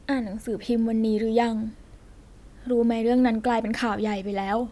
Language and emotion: Thai, sad